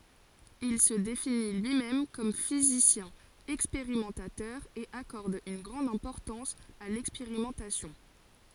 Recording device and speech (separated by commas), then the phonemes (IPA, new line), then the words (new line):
forehead accelerometer, read sentence
il sə defini lyimɛm kɔm fizisjɛ̃ ɛkspeʁimɑ̃tatœʁ e akɔʁd yn ɡʁɑ̃d ɛ̃pɔʁtɑ̃s a lɛkspeʁimɑ̃tasjɔ̃
Il se définit lui-même comme physicien expérimentateur et accorde une grande importance à l'expérimentation.